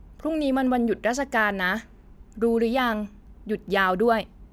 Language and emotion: Thai, neutral